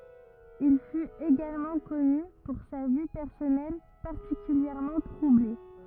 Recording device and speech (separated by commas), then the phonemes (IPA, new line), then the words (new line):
rigid in-ear microphone, read sentence
il fyt eɡalmɑ̃ kɔny puʁ sa vi pɛʁsɔnɛl paʁtikyljɛʁmɑ̃ tʁuble
Il fut également connu pour sa vie personnelle particulièrement troublée.